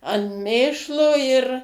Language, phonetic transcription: Lithuanian, an ˈmėšlo ir

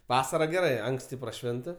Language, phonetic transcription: Lithuanian, ˈvasara geˈrai ˈanksti praˈšvinta

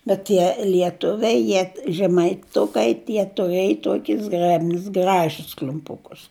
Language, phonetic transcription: Lithuanian, bet ˈtie lieˈtuviai ˈjie žemaiˈtukai ˈtie tuˈrėj ˈtokis ˈzgrebnis ˈgražis kl'umˈpukus

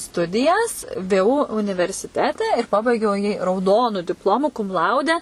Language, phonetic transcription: Lithuanian, ˈstudijas ˈvė ˈū universiˈtete ir paˈbaigiau jį rauˈdonu dipˈlomu kum ˈlaude

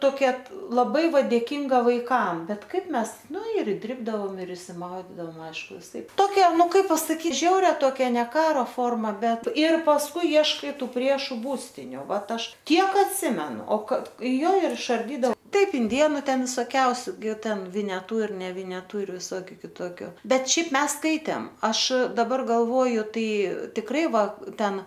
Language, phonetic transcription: Lithuanian, ˈtokia laˈbai ˈva dėˈkinga vaiˈkam ˈbet ˈkaip ˈmes ˈnu ir įˈdribdavom ir išsiˈmaudydam ˈaišku viˈsaip ˈtokia ˈnu ˈkaip pasaˈkyt ˈžiauria ˈtokia ne ˈkaro ˈforma ˈbet ir pasˈkui ˈieškai ˈtų ˈpriešu ˈbūstiniu ˈvat ˈaš ˈtiek atˈsimenu o ˈka ˈjo ir išarˈdydao ˈtaip inˈdėnu ˈten visoˈkiausiu gi ˈten vineˈtu ir nevineˈtu ir viˈsokiu kiˈtokiu ˈbet ˈšiaip ˈmes ˈskaitėm ˈaš daˈbar galˈvoju ˈtai tikˈrai ˈva ˈten

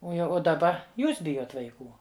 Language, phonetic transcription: Lithuanian, ˈo jau o daˈba ˈjūs ˈbijot vaiˈkų

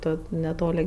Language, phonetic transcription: Lithuanian, ˈto neˈtoli

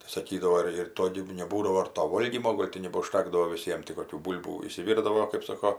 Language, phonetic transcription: Lithuanian, tai saˈkydavo ir ir ˈto gi neˈbūdavo ir to ˈvolgymo ˈgol' ti nebaužˈtekdavo viˈsiem ti koˈkių ˈbūl'bų išsiˈvirdavo kɜp ˈsoko

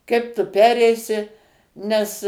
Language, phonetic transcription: Lithuanian, ˈkaip tu ˈpereisi nes

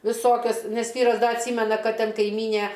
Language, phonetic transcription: Lithuanian, viˈsokias ˈnes ˈvyras ˈda atˈsymena ˈkad ˈten kaiˈmynė

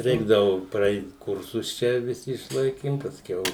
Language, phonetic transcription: Lithuanian, ˈreikdavu praˈeit ˈkursus ˈčia viˈsi išˈlaikim pasˈkiau

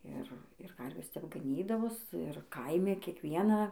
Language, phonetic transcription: Lithuanian, ˈir ir ˈkarvės tep gaˈnydavos ir ˈkaimi kiekˈvieną

